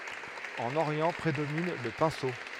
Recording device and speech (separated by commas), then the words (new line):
headset microphone, read sentence
En Orient prédomine le pinceau.